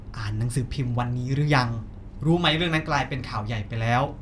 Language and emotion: Thai, frustrated